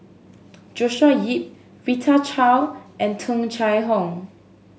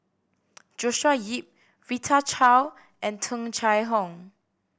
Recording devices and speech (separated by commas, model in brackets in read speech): mobile phone (Samsung S8), boundary microphone (BM630), read sentence